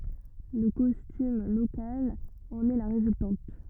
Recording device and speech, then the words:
rigid in-ear microphone, read sentence
Le costume local en est la résultante.

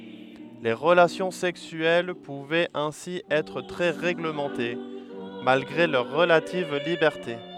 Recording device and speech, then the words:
headset microphone, read sentence
Les relations sexuelles pouvaient ainsi être très réglementées, malgré leur relative liberté.

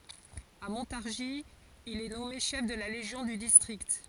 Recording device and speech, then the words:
forehead accelerometer, read sentence
À Montargis, il est nommé chef de la légion du district.

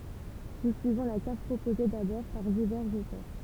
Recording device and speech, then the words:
temple vibration pickup, read sentence
Nous suivons la carte proposée d'abord par divers auteurs.

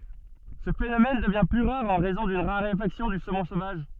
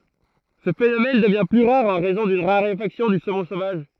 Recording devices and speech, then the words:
soft in-ear microphone, throat microphone, read sentence
Ce phénomène devient plus rare en raison d'une raréfaction du saumon sauvage.

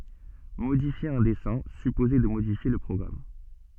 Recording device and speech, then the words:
soft in-ear microphone, read sentence
Modifier un dessin supposait de modifier le programme.

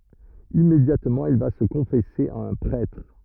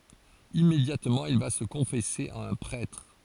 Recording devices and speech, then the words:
rigid in-ear microphone, forehead accelerometer, read sentence
Immédiatement, il va se confesser à un prêtre.

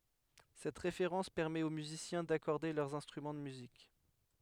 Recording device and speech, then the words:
headset microphone, read sentence
Cette référence permet aux musiciens d'accorder leurs instruments de musique.

